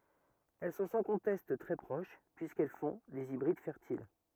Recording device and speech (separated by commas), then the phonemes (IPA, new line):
rigid in-ear microphone, read sentence
ɛl sɔ̃ sɑ̃ kɔ̃tɛst tʁɛ pʁoʃ pyiskɛl fɔ̃ dez ibʁid fɛʁtil